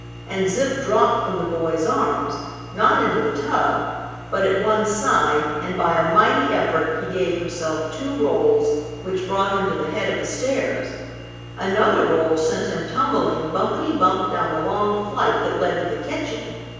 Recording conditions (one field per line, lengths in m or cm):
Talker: one person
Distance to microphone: 7.1 m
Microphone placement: far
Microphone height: 1.7 m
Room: very reverberant, large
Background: none